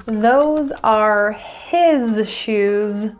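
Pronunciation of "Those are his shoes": In 'his', the h is dropped, so 'his' sounds like 'is'.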